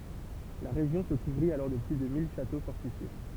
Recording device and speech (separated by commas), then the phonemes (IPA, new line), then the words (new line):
temple vibration pickup, read sentence
la ʁeʒjɔ̃ sə kuvʁit alɔʁ də ply də mil ʃato fɔʁtifje
La région se couvrit alors de plus de mille châteaux fortifiés.